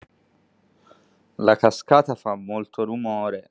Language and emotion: Italian, sad